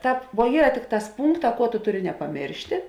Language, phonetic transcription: Lithuanian, ˈtāp vuo ˈyra ˈtikˌtās ˈpūnkˌtā ˈkuo tu ˈtuˌri nepaˈmėrštė

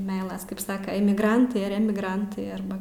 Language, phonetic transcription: Lithuanian, ˈmeilas kaip ˈsaka emigˈrantai ar ˈemigrantai ˈarba

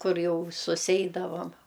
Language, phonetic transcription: Lithuanian, ˈkur ˈjau suˈseidavam

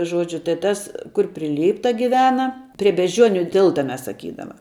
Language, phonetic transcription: Lithuanian, ˈžuodžiu tai ˈtas kur pri ˈlypta giˈvena pri bežˈdžiuoniu ˈtilta ˈmes saˈkydama

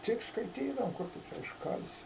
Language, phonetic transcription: Lithuanian, ˈtik skaiˈtydavom ˈkur tu ˈčia išˈkalsi

